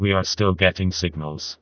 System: TTS, vocoder